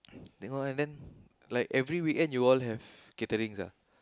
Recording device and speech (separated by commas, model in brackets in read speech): close-talking microphone, conversation in the same room